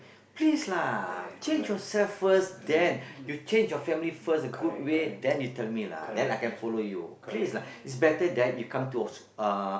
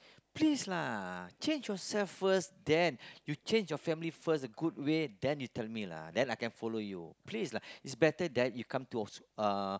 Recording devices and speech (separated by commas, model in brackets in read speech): boundary microphone, close-talking microphone, conversation in the same room